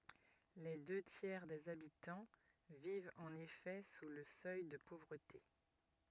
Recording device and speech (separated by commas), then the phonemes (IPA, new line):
rigid in-ear microphone, read sentence
le dø tjɛʁ dez abitɑ̃ vivt ɑ̃n efɛ su lə sœj də povʁəte